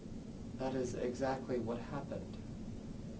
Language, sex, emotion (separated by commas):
English, male, neutral